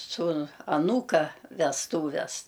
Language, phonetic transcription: Lithuanian, ˈsūnu aˈnūka vesˈtūves

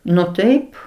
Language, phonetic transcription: Lithuanian, nu ˈtaip

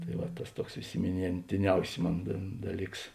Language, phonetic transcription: Lithuanian, tai ˈva ˈtas ˈtuoks isiminėntiˈniausi ˈmon da ˈdaˌlyks

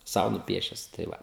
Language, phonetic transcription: Lithuanian, ˈsau nuˈpiešes tai ˈva

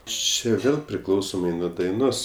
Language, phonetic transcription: Lithuanian, ˈči ˈvėl priˈklausomai nuo daiˈnos

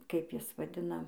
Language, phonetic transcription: Lithuanian, ˈkaip ˈjis vaˈdina

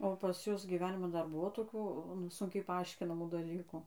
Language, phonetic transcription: Lithuanian, o pas ˈjus gyˈveniman ˈdar ˈbuvo toˈkių nu ˈsunkiai paˈaiškinamų daˈlykų

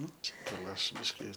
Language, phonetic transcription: Lithuanian, ˈnu čia gal ˈaš ˈbiški

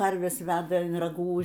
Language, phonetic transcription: Lithuanian, ˈkarves ˈveda in raˈgų

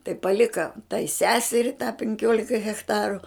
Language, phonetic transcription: Lithuanian, tai paˈlika tai ˈseseri tą penˈkiolia hechˈtaru

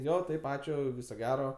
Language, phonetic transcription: Lithuanian, ˈjo ˈtaip ˈačiu ˈviso ˈgero

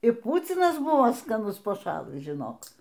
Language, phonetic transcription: Lithuanian, ir ˈpūcinas ˈbuvo skaˈnus paˈšalɨs žiˈnok

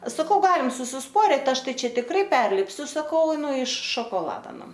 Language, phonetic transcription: Lithuanian, saˈkau ˈgalim susisˈporit ˈaš ˈtai ˈčia tikˈrai ˈperlipsiu saˈkau ˈnu iš šokoˈlada ˈnu

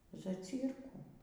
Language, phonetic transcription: Lithuanian, zaˈcyrkų

